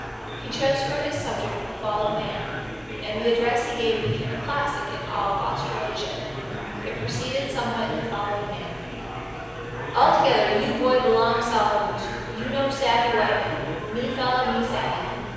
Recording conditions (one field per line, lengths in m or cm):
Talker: one person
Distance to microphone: 7.1 m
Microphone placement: far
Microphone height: 1.7 m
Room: very reverberant, large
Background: babble